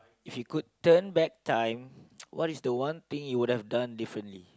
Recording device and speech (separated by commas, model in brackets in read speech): close-talking microphone, conversation in the same room